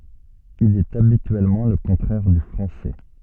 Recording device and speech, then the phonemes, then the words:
soft in-ear microphone, read sentence
il ɛt abityɛlmɑ̃ lə kɔ̃tʁɛʁ dy fʁɑ̃sɛ
Il est habituellement le contraire du français.

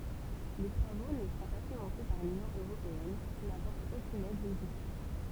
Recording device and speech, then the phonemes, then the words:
temple vibration pickup, read sentence
le tʁavo nə sɔ̃ pa finɑ̃se paʁ lynjɔ̃ øʁopeɛn ki napɔʁt okyn ɛd loʒistik
Les travaux ne sont pas financés par l'Union européenne, qui n'apporte aucune aide logistique.

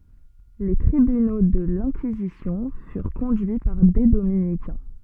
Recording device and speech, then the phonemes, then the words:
soft in-ear microphone, read sentence
le tʁibyno də lɛ̃kizisjɔ̃ fyʁ kɔ̃dyi paʁ de dominikɛ̃
Les tribunaux de l'Inquisition furent conduits par des dominicains.

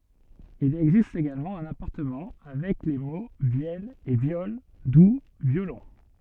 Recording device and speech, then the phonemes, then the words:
soft in-ear microphone, read sentence
il ɛɡzist eɡalmɑ̃ œ̃n apaʁɑ̃tmɑ̃ avɛk le mo vjɛl e vjɔl du vjolɔ̃
Il existe également un apparentement avec les mots vièle et viole, d'où violon.

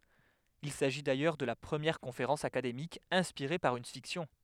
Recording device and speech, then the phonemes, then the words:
headset microphone, read sentence
il saʒi dajœʁ də la pʁəmjɛʁ kɔ̃feʁɑ̃s akademik ɛ̃spiʁe paʁ yn fiksjɔ̃
Il s’agit d’ailleurs de la première conférence académique inspirée par une fiction.

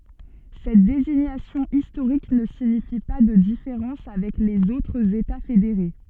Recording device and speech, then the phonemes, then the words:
soft in-ear microphone, read sentence
sɛt deziɲasjɔ̃ istoʁik nə siɲifi pa də difeʁɑ̃s avɛk lez otʁz eta fedeʁe
Cette désignation historique ne signifie pas de différences avec les autres États fédérés.

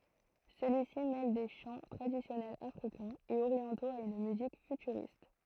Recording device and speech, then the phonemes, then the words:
throat microphone, read sentence
səlyi si mɛl de ʃɑ̃ tʁadisjɔnɛlz afʁikɛ̃z e oʁjɑ̃toz a yn myzik fytyʁist
Celui-ci mêle des chants traditionnels Africains et orientaux à une musique futuriste.

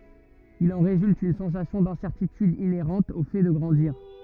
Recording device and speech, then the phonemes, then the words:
rigid in-ear microphone, read sentence
il ɑ̃ ʁezylt yn sɑ̃sasjɔ̃ dɛ̃sɛʁtityd ineʁɑ̃t o fɛ də ɡʁɑ̃diʁ
Il en résulte une sensation d’incertitude inhérente au fait de grandir.

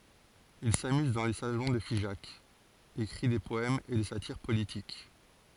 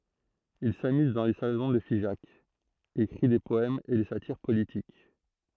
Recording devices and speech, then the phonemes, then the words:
forehead accelerometer, throat microphone, read sentence
il samyz dɑ̃ le salɔ̃ də fiʒak ekʁi de pɔɛmz e de satiʁ politik
Il s’amuse dans les salons de Figeac, écrit des poèmes et des satyres politiques.

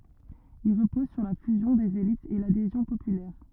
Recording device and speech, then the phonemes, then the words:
rigid in-ear microphone, read sentence
il ʁəpɔz syʁ la fyzjɔ̃ dez elitz e ladezjɔ̃ popylɛʁ
Il repose sur la fusion des élites et l'adhésion populaire.

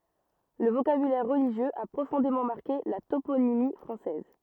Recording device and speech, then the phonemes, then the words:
rigid in-ear microphone, read sentence
lə vokabylɛʁ ʁəliʒjøz a pʁofɔ̃demɑ̃ maʁke la toponimi fʁɑ̃sɛz
Le vocabulaire religieux a profondément marqué la toponymie française.

